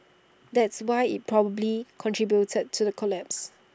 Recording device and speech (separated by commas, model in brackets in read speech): standing microphone (AKG C214), read sentence